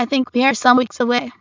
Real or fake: fake